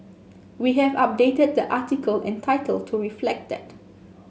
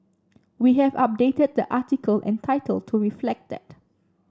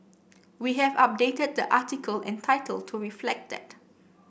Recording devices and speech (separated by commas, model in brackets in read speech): mobile phone (Samsung S8), standing microphone (AKG C214), boundary microphone (BM630), read sentence